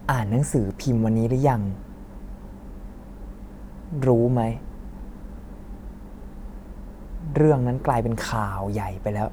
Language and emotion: Thai, frustrated